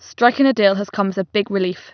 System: none